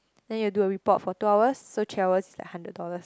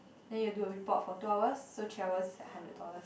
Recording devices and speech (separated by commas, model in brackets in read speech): close-talking microphone, boundary microphone, conversation in the same room